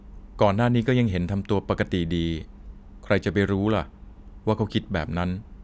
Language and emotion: Thai, neutral